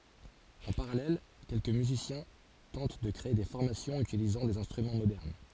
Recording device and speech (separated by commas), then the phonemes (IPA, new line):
forehead accelerometer, read sentence
ɑ̃ paʁalɛl kɛlkə myzisjɛ̃ tɑ̃t də kʁee de fɔʁmasjɔ̃z ytilizɑ̃ dez ɛ̃stʁymɑ̃ modɛʁn